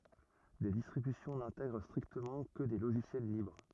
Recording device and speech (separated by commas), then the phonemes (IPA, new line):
rigid in-ear microphone, read sentence
de distʁibysjɔ̃ nɛ̃tɛɡʁ stʁiktəmɑ̃ kə de loʒisjɛl libʁ